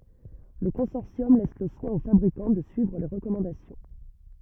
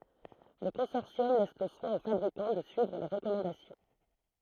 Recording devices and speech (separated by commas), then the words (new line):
rigid in-ear microphone, throat microphone, read sentence
Le consortium laisse le soin aux fabricants de suivre les recommandations.